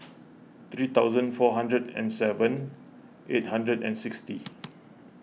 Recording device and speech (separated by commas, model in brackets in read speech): mobile phone (iPhone 6), read sentence